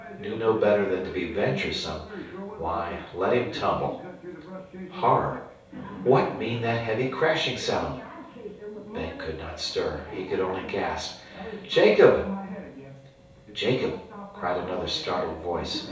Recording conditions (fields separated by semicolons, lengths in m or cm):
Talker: one person; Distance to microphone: 3.0 m; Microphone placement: far; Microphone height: 1.8 m; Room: small (3.7 m by 2.7 m); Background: television